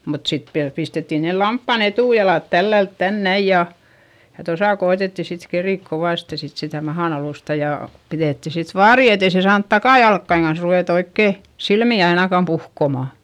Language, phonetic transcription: Finnish, mut sit viäl pistettin nel lamppan ‿etùjalàt tällält tän näij ja , ja tosa ko₍etetti sit kerìk kovàste sit sitä mahan ‿alùsta ja , piδètti sit vaari etei se saant takàjalkkaiŋ kans ruvèt ‿oikkè , silmì ainakam puhkoma .
- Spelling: mutta sitten vielä pistettiin ne lampaan etujalat tällä lailla tänne näin ja ja tuossa koetettiin sitten keritä kovasti sitten sitä mahan alustaa ja pidettiin sitten vaari että ei se saanut takajalkojen kanssa ruveta oikein silmiä ainakaan puhkomaan

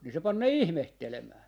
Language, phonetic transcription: Finnish, ni se 'pan ne "ihmehtelemää .
- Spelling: niin se pani ne ihmettelemään

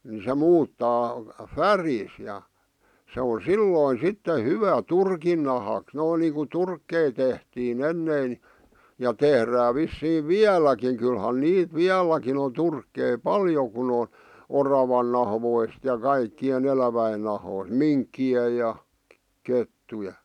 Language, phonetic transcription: Finnish, se 'muuttaa , "färiis ja , se on̬ "sillòⁱn̬ "sitte "hyvä 'turkin nahàks , noin niiŋku 'turkkei tehtii"n ‿ennè̀ⁱn ni , ja 'tehrää vissiiv "viäl̀äkiŋ kylhän 'niit "viäl̀äkin ‿on 'turkkei "paljo kun ‿on , 'oravan nahvoist ja 'kaikki₍e'n ‿eläväin nahoist , "minkki₍e ja , 'kettuje .
- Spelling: se muuttaa värinsä ja se on silloin sitten hyvä turkin nahaksi noin niin kuin turkkeja tehtiin ennen niin ja tehdään vissiin vieläkin kyllähän niitä vieläkin on turkkeja paljon kun on oravan nahoista ja kaikkien elävien nahoista minkkien ja kettujen

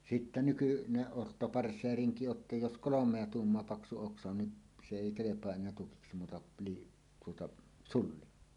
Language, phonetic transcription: Finnish, 'sittä "nykyneˀ 'ˀotto'parsseeriŋki o ‿tta jos "kolom̀ea "tuummoa 'paksu 'oksa on ni , se "èi 'kelep̀oa 'en̆neä 'tukiksi muuta pii- , tuota , "sulli .
- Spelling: sitten nykyinen ottopartseerinki on jotta jos kolmea tuumaa paksu oksa on niin se ei kelpaa enää tukiksi muuta - tuota sulli

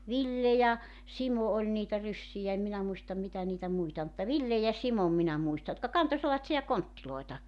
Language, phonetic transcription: Finnish, 'Ville ja , 'Simo oĺ niitä 'ryssijä em 'minä muistam 'mitä niitä 'muita ol mutta "Ville ja "Simom minä 'muista jotka 'kanto sellatsi₍a 'konttiloeta .
- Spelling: Ville ja Simo oli niitä ryssiä en minä muista mitä niitä muita oli mutta Villen ja Simon minä muistan jotka kantoi sellaisia kontteja

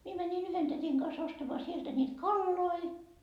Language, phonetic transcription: Finnish, 'mie 'mänin "yhen tätiŋ kas ostamaa sieltä niit "kalloi .
- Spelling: minä menin yhden tädin kanssa ostamaan sieltä niitä kaloja

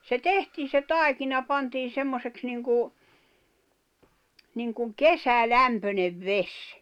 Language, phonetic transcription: Finnish, se "tehtii se "tài̬kina 'pantiin̬ 'semmoseks niŋku , niŋkuŋ "kesä'lämpönev "ves .
- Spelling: se tehtiin se taikina pantiin semmoiseksi niin kuin niin kuin kesälämpöinen vesi

